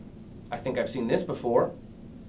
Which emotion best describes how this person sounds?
neutral